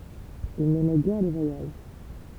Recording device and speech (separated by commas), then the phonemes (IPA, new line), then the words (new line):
temple vibration pickup, read sentence
il nɛmɛ ɡɛʁ le vwajaʒ
Il n'aimait guère les voyages.